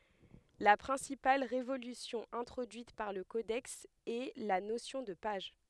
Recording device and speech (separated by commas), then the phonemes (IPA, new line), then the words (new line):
headset microphone, read sentence
la pʁɛ̃sipal ʁevolysjɔ̃ ɛ̃tʁodyit paʁ lə kodɛks ɛ la nosjɔ̃ də paʒ
La principale révolution introduite par le codex est la notion de page.